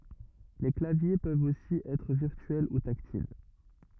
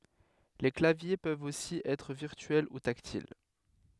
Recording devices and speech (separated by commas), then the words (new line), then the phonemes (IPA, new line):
rigid in-ear microphone, headset microphone, read sentence
Les claviers peuvent aussi être virtuels ou tactiles.
le klavje pøvt osi ɛtʁ viʁtyɛl u taktil